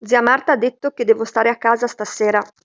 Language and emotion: Italian, neutral